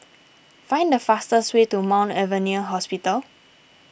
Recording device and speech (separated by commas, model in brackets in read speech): boundary microphone (BM630), read sentence